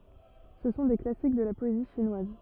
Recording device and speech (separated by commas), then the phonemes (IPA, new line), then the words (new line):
rigid in-ear microphone, read sentence
sə sɔ̃ de klasik də la pɔezi ʃinwaz
Ce sont des classiques de la poésie chinoise.